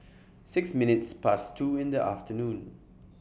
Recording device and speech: boundary microphone (BM630), read sentence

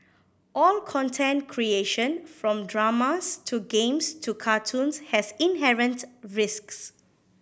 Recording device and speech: boundary microphone (BM630), read sentence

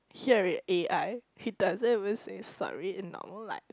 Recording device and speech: close-talking microphone, conversation in the same room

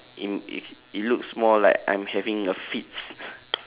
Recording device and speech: telephone, conversation in separate rooms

